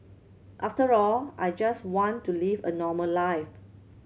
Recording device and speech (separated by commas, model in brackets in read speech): mobile phone (Samsung C7100), read sentence